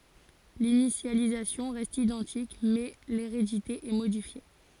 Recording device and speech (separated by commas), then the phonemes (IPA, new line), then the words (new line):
forehead accelerometer, read sentence
linisjalizasjɔ̃ ʁɛst idɑ̃tik mɛ leʁedite ɛ modifje
L'initialisation reste identique, mais l'hérédité est modifiée.